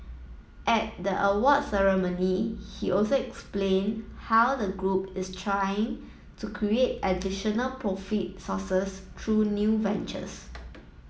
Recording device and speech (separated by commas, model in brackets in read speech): mobile phone (iPhone 7), read sentence